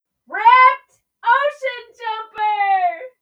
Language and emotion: English, happy